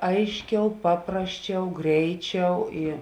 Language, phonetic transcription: Lithuanian, ˈaišˌkiau ˈpaprasˌčiau ˈgreiˌčiau i

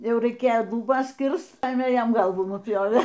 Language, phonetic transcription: Lithuanian, ˈjau raiˈkėjo luˈbas ˈkirst ˈpajėmė ˈjam ˈgalvų nuˈpjovė

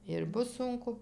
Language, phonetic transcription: Lithuanian, ir ˈbus ˈsunku

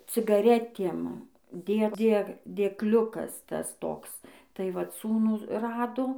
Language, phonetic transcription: Lithuanian, cigaˈretiem ˈdė ˈdė dėkˈliukas ˈtas ˈtoks tai ˈvat ˈsūnų ˈrado

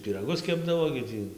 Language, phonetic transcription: Lithuanian, pyraˈgus ˈkepdavo gi ˈtį

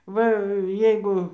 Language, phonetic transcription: Lithuanian, ˈva ˈjeigu

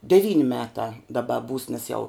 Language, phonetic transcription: Lithuanian, deˈvyn' ˈmetā daˈba būs nes jau

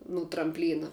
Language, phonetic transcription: Lithuanian, nu trampˈlyna

